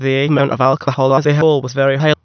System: TTS, waveform concatenation